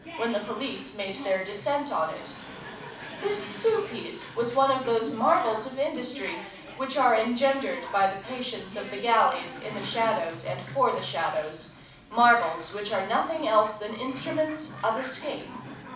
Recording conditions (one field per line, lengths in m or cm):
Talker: one person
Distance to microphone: 5.8 m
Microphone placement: far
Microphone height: 1.8 m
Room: medium-sized (5.7 m by 4.0 m)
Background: television